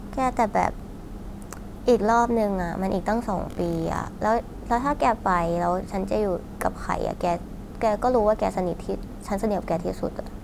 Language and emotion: Thai, frustrated